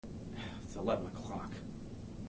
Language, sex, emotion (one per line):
English
male
disgusted